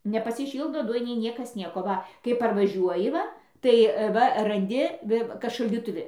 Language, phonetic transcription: Lithuanian, nepasiˈšyldo ˈdujinėj ˈniekas ˈnieko ˈva kai parvaˈžiuoji ˈva tai ˈva ranˈdi ˈvi kad šaldytuˈvi

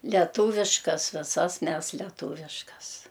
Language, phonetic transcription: Lithuanian, leˈtūviškas viˈsas ˈmes leˈtūviškas

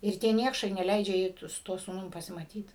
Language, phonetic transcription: Lithuanian, ir ˈtie ˈniekšai neˈleidžia ˈjai tu su ˈtuo sūˈnum pasimaˈtyt

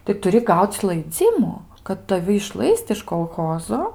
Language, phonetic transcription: Lithuanian, tai tuˈri ˈgauc laiˈdzimu kad taˈvi išˈlaist iš kolˈchozo

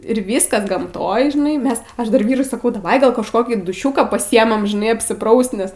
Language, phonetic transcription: Lithuanian, ir ˈvyskas gamˈtoj žiˈnai ˈmes ˈaš dar ˈvyrui saˈkau daˈvai gal kažˈkokį duˈšiūką paˈsiemam žiˈnai apsiˈpraust nes

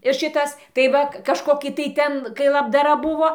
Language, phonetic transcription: Lithuanian, ir ˈšitas tai ˈva kažˈkoki tai ˈten kai labdaˈra ˈbuvo

